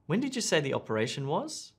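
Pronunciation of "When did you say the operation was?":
'When did you say the operation was?' is a request for clarification and is said with slightly rising intonation.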